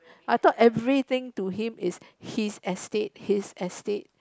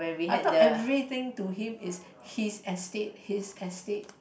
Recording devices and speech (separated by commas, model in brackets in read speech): close-talking microphone, boundary microphone, conversation in the same room